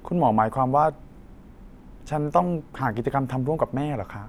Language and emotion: Thai, neutral